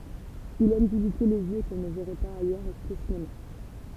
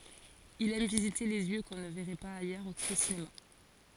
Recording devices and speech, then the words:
temple vibration pickup, forehead accelerometer, read sentence
Il aime visiter des lieux qu’on ne verrait pas ailleurs qu’au cinéma.

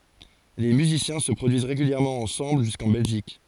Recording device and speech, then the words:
forehead accelerometer, read sentence
Les musiciens se produisent régulièrement ensemble jusqu'en Belgique.

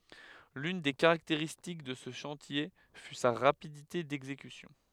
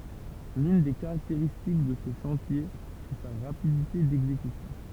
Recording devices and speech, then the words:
headset microphone, temple vibration pickup, read sentence
L'une des caractéristiques de ce chantier fut sa rapidité d'exécution.

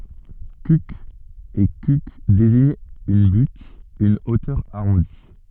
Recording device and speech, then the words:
soft in-ear microphone, read sentence
Cuq et Cucq désignent une butte, une hauteur arrondie.

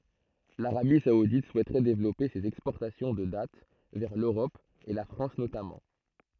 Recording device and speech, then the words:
throat microphone, read sentence
L’Arabie saoudite souhaiterait développer ses exportations de dattes vers l’Europe et la France notamment.

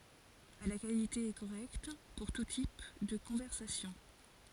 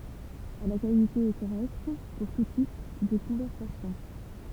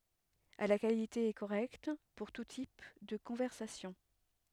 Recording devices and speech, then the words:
forehead accelerometer, temple vibration pickup, headset microphone, read sentence
À la qualité est correcte pour tout type de conversation.

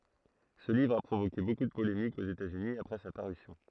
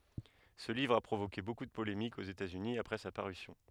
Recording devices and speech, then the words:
throat microphone, headset microphone, read sentence
Ce livre a provoqué beaucoup de polémiques aux États-Unis après sa parution.

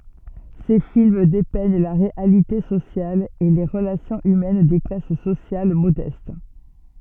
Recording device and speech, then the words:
soft in-ear microphone, read sentence
Ses films dépeignent la réalité sociale et les relations humaines des classes sociales modestes.

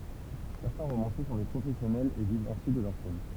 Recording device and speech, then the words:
temple vibration pickup, read sentence
Certains romanciers sont des professionnels et vivent ainsi de leur plume.

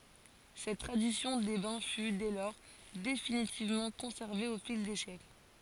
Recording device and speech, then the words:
forehead accelerometer, read sentence
Cette tradition des bains fut, dès lors, définitivement conservée au fil des siècles.

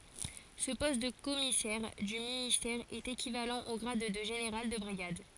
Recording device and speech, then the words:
forehead accelerometer, read sentence
Ce poste de commissaire du ministère est équivalent au grade de général de brigade.

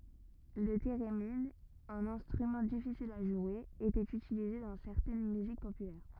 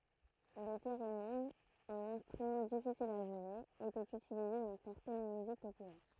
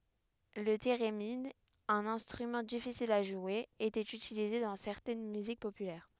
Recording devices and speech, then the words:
rigid in-ear microphone, throat microphone, headset microphone, read sentence
Le thérémine, un instrument difficile à jouer, était utilisé dans certaines musiques populaires.

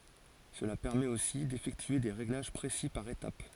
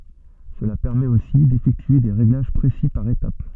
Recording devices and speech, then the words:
forehead accelerometer, soft in-ear microphone, read sentence
Cela permet aussi d'effectuer des réglages précis par étape.

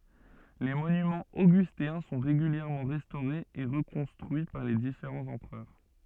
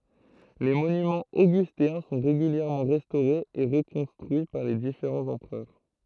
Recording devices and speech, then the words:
soft in-ear microphone, throat microphone, read sentence
Les monuments augustéens sont régulièrement restaurés et reconstruits par les différents empereurs.

